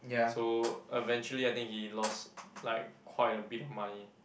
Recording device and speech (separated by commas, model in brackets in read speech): boundary microphone, conversation in the same room